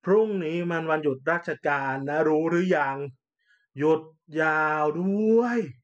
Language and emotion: Thai, frustrated